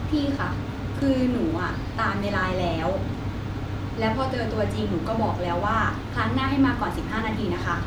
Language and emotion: Thai, frustrated